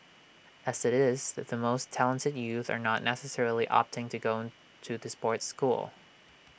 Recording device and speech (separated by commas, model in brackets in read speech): boundary microphone (BM630), read sentence